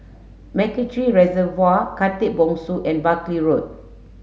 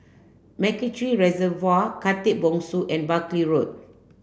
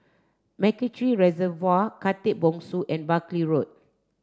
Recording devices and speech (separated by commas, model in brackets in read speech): mobile phone (Samsung S8), boundary microphone (BM630), standing microphone (AKG C214), read sentence